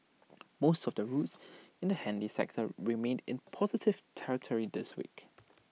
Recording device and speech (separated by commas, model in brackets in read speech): mobile phone (iPhone 6), read sentence